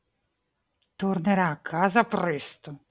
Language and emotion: Italian, angry